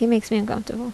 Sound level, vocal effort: 74 dB SPL, soft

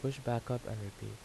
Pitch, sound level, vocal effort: 115 Hz, 78 dB SPL, soft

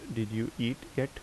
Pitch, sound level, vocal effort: 120 Hz, 77 dB SPL, normal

